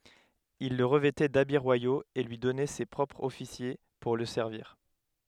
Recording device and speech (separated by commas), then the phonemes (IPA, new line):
headset microphone, read sentence
il lə ʁəvɛtɛ dabi ʁwajoz e lyi dɔnɛ se pʁɔpʁz ɔfisje puʁ lə sɛʁviʁ